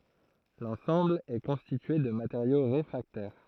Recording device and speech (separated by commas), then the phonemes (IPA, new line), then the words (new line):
throat microphone, read sentence
lɑ̃sɑ̃bl ɛ kɔ̃stitye də mateʁjo ʁefʁaktɛʁ
L'ensemble est constitué de matériaux réfractaires.